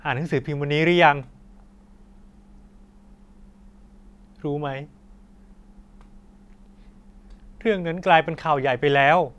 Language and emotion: Thai, sad